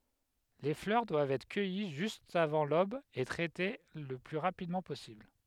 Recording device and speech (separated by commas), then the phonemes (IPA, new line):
headset microphone, read sentence
le flœʁ dwavt ɛtʁ kœji ʒyst avɑ̃ lob e tʁɛte lə ply ʁapidmɑ̃ pɔsibl